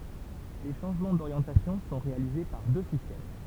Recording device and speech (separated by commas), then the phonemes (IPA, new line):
temple vibration pickup, read sentence
le ʃɑ̃ʒmɑ̃ doʁjɑ̃tasjɔ̃ sɔ̃ ʁealize paʁ dø sistɛm